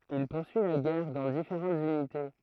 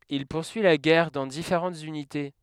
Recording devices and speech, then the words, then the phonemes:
throat microphone, headset microphone, read sentence
Il poursuit la guerre dans différentes unités.
il puʁsyi la ɡɛʁ dɑ̃ difeʁɑ̃tz ynite

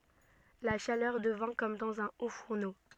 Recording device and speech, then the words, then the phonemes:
soft in-ear microphone, read sentence
La chaleur devint comme dans un haut-fourneau.
la ʃalœʁ dəvɛ̃ kɔm dɑ̃z œ̃ otfuʁno

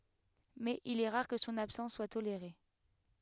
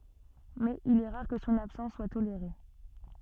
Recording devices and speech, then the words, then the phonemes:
headset microphone, soft in-ear microphone, read sentence
Mais il est rare que son absence soit tolérée.
mɛz il ɛ ʁaʁ kə sɔ̃n absɑ̃s swa toleʁe

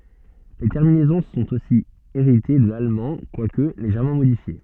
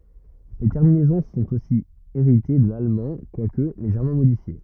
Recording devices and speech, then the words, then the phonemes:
soft in-ear microphone, rigid in-ear microphone, read sentence
Les terminaisons sont aussi héritées de l'allemand, quoique légèrement modifiées.
le tɛʁminɛzɔ̃ sɔ̃t osi eʁite də lalmɑ̃ kwak leʒɛʁmɑ̃ modifje

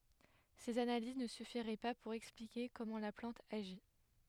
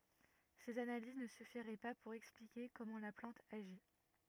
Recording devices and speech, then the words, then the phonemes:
headset microphone, rigid in-ear microphone, read sentence
Ces analyses ne suffiraient pas pour expliquer comment la plante agit.
sez analiz nə syfiʁɛ pa puʁ ɛksplike kɔmɑ̃ la plɑ̃t aʒi

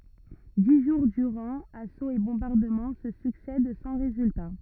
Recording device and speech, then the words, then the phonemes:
rigid in-ear microphone, read sentence
Dix jours durant, assauts et bombardements se succèdent sans résultat.
di ʒuʁ dyʁɑ̃ asoz e bɔ̃baʁdəmɑ̃ sə syksɛd sɑ̃ ʁezylta

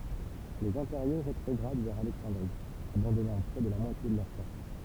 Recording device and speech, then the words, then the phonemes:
temple vibration pickup, read sentence
Les Impériaux rétrogradent vers Alexandrie, abandonnant près de la moitié de leurs forces.
lez ɛ̃peʁjo ʁetʁɔɡʁad vɛʁ alɛksɑ̃dʁi abɑ̃dɔnɑ̃ pʁɛ də la mwatje də lœʁ fɔʁs

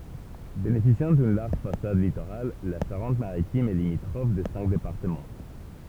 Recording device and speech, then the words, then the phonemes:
temple vibration pickup, read sentence
Bénéficiant d'une large façade littorale, la Charente-Maritime est limitrophe de cinq départements.
benefisjɑ̃ dyn laʁʒ fasad litoʁal la ʃaʁɑ̃t maʁitim ɛ limitʁɔf də sɛ̃k depaʁtəmɑ̃

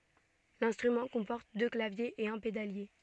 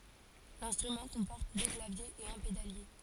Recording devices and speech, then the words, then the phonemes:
soft in-ear microphone, forehead accelerometer, read sentence
L'instrument comporte deux claviers et un pédalier.
lɛ̃stʁymɑ̃ kɔ̃pɔʁt dø klavjez e œ̃ pedalje

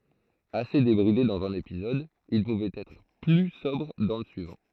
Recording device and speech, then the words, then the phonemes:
throat microphone, read sentence
Assez débridé dans un épisode, il pouvait être plus sobre dans le suivant.
ase debʁide dɑ̃z œ̃n epizɔd il puvɛt ɛtʁ ply sɔbʁ dɑ̃ lə syivɑ̃

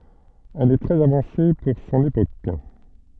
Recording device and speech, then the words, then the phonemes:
soft in-ear microphone, read sentence
Elle est très avancée pour son époque.
ɛl ɛ tʁɛz avɑ̃se puʁ sɔ̃n epok

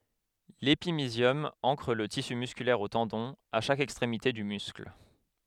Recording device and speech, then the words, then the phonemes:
headset microphone, read sentence
L'épimysium ancre le tissu musculaire aux tendons, à chaque extrémité du muscle.
lepimizjɔm ɑ̃kʁ lə tisy myskylɛʁ o tɑ̃dɔ̃z a ʃak ɛkstʁemite dy myskl

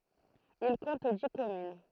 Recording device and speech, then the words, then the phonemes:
throat microphone, read sentence
Il compte dix communes.
il kɔ̃t di kɔmyn

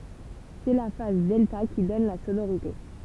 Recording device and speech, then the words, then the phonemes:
temple vibration pickup, read sentence
C'est la phase delta qui donne la sonorité.
sɛ la faz dɛlta ki dɔn la sonoʁite

